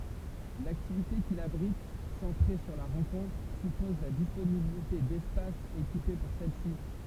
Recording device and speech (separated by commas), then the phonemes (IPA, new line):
temple vibration pickup, read sentence
laktivite kil abʁit sɑ̃tʁe syʁ la ʁɑ̃kɔ̃tʁ sypɔz la disponibilite dɛspasz ekipe puʁ sɛl si